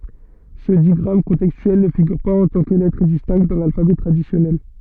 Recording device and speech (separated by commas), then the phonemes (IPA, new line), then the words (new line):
soft in-ear microphone, read sentence
sə diɡʁam kɔ̃tɛkstyɛl nə fiɡyʁ paz ɑ̃ tɑ̃ kə lɛtʁ distɛ̃kt dɑ̃ lalfabɛ tʁadisjɔnɛl
Ce digramme contextuel ne figure pas en tant que lettre distincte dans l’alphabet traditionnel.